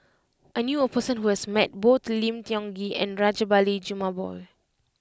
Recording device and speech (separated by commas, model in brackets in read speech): close-talking microphone (WH20), read sentence